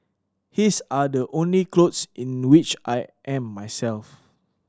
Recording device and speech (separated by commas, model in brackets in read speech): standing microphone (AKG C214), read sentence